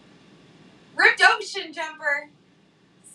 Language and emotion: English, happy